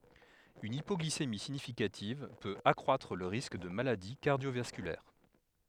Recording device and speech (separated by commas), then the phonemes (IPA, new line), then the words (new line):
headset microphone, read sentence
yn ipɔɡlisemi siɲifikativ pøt akʁwatʁ lə ʁisk də maladi kaʁdjovaskylɛʁ
Une hypoglycémie significative peut accroître le risque de maladie cardiovasculaire.